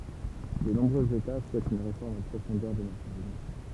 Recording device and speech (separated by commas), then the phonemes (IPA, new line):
temple vibration pickup, read sentence
də nɔ̃bʁøz eta suɛtt yn ʁefɔʁm ɑ̃ pʁofɔ̃dœʁ de nasjɔ̃z yni